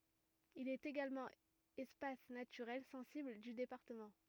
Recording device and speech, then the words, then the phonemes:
rigid in-ear microphone, read sentence
Il est également espace naturel sensible du département.
il ɛt eɡalmɑ̃ ɛspas natyʁɛl sɑ̃sibl dy depaʁtəmɑ̃

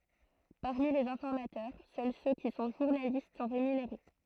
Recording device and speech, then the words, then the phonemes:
throat microphone, read sentence
Parmi les informateurs, seuls ceux qui sont journalistes sont rémunérés.
paʁmi lez ɛ̃fɔʁmatœʁ sœl sø ki sɔ̃ ʒuʁnalist sɔ̃ ʁemyneʁe

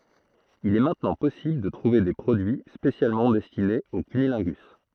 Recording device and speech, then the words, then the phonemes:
throat microphone, read sentence
Il est maintenant possible de trouver des produits spécialement destinés au cunnilingus.
il ɛ mɛ̃tnɑ̃ pɔsibl də tʁuve de pʁodyi spesjalmɑ̃ dɛstinez o kynilɛ̃ɡys

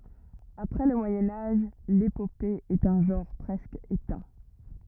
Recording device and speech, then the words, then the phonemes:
rigid in-ear microphone, read sentence
Après le Moyen Âge, l’épopée est un genre presque éteint.
apʁɛ lə mwajɛ̃ aʒ lepope ɛt œ̃ ʒɑ̃ʁ pʁɛskə etɛ̃

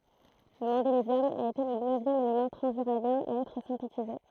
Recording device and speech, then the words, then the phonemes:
throat microphone, read sentence
Le mendélévium a été le neuvième élément transuranien à être synthétisé.
lə mɑ̃delevjɔm a ete lə nøvjɛm elemɑ̃ tʁɑ̃zyʁanjɛ̃ a ɛtʁ sɛ̃tetize

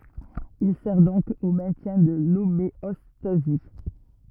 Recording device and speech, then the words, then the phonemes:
rigid in-ear microphone, read sentence
Il sert donc au maintien de l’homéostasie.
il sɛʁ dɔ̃k o mɛ̃tjɛ̃ də lomeɔstazi

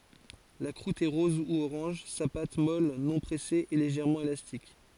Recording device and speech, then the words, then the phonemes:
forehead accelerometer, read sentence
La croûte est rose ou orange, sa pâte, molle non pressée, est légèrement élastique.
la kʁut ɛ ʁɔz u oʁɑ̃ʒ sa pat mɔl nɔ̃ pʁɛse ɛ leʒɛʁmɑ̃ elastik

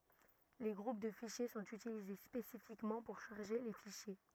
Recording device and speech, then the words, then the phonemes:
rigid in-ear microphone, read sentence
Les groupes de fichiers sont utilisés spécifiquement pour charger les fichiers.
le ɡʁup də fiʃje sɔ̃t ytilize spesifikmɑ̃ puʁ ʃaʁʒe le fiʃje

